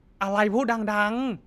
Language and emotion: Thai, angry